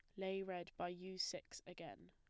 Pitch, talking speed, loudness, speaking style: 185 Hz, 190 wpm, -47 LUFS, plain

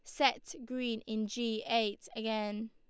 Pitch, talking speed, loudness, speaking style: 225 Hz, 145 wpm, -35 LUFS, Lombard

